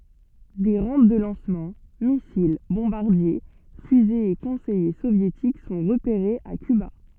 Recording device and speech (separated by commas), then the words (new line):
soft in-ear microphone, read sentence
Des rampes de lancement, missiles, bombardiers, fusées et conseillers soviétiques sont repérés à Cuba.